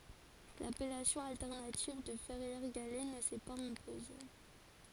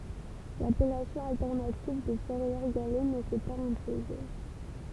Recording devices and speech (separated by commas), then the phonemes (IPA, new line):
forehead accelerometer, temple vibration pickup, read sentence
lapɛlasjɔ̃ altɛʁnativ də fɛʁjɛʁ ɡalɛ nə sɛ paz ɛ̃poze